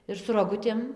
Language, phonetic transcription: Lithuanian, ir su roˈgutėm

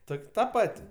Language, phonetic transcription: Lithuanian, ˈtok' ˈta ˈpat'

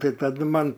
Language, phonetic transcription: Lithuanian, ˈtai taˈdu man

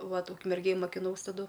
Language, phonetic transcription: Lithuanian, ˈvat ukmerˈgėj makiˈnaus taˈdu

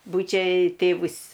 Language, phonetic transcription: Lithuanian, ˈbūčia ˈtėvus

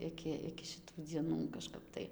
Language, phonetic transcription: Lithuanian, ˈiki iki šiˈtų dzieˈnų kažˈkap tai

